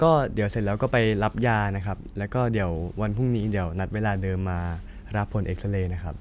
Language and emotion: Thai, neutral